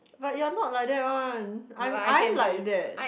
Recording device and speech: boundary microphone, conversation in the same room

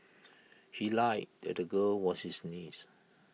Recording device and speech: mobile phone (iPhone 6), read sentence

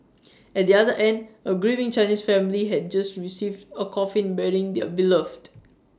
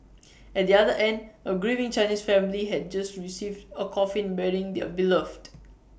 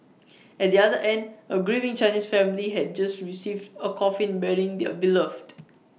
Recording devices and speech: standing microphone (AKG C214), boundary microphone (BM630), mobile phone (iPhone 6), read sentence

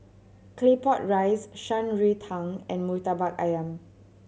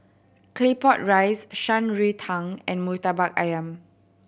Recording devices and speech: mobile phone (Samsung C7100), boundary microphone (BM630), read sentence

